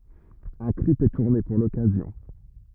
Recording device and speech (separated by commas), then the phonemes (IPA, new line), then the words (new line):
rigid in-ear microphone, read sentence
œ̃ klip ɛ tuʁne puʁ lɔkazjɔ̃
Un clip est tourné pour l'occasion.